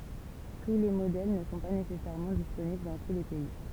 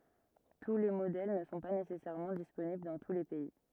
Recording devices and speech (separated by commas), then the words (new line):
temple vibration pickup, rigid in-ear microphone, read sentence
Tous les modèles ne sont pas nécessairement disponibles dans tous les pays.